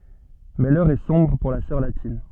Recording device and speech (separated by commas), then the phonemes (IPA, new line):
soft in-ear microphone, read sentence
mɛ lœʁ ɛ sɔ̃bʁ puʁ la sœʁ latin